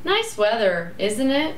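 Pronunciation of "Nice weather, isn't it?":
'Nice weather, isn't it?' is said with a rising and falling intonation.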